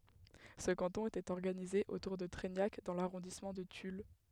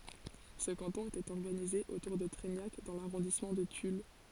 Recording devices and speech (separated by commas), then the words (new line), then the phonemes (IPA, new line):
headset microphone, forehead accelerometer, read sentence
Ce canton était organisé autour de Treignac dans l'arrondissement de Tulle.
sə kɑ̃tɔ̃ etɛt ɔʁɡanize otuʁ də tʁɛɲak dɑ̃ laʁɔ̃dismɑ̃ də tyl